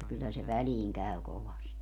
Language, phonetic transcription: Finnish, kyllä se 'väliiŋ 'käy 'kovasti .
- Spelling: kyllä se väliin käy kovasti

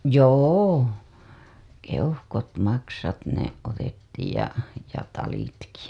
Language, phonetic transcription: Finnish, joo , 'keuhkot 'maksat ne , otettiij ja , ja 'talitki .
- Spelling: joo keuhkot maksat ne otettiin ja ja talitkin

